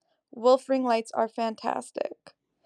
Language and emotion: English, neutral